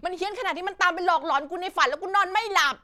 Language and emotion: Thai, angry